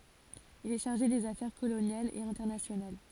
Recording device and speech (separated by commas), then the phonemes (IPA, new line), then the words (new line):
forehead accelerometer, read sentence
il ɛ ʃaʁʒe dez afɛʁ kolonjalz e ɛ̃tɛʁnasjonal
Il est chargé des affaires coloniales et internationales.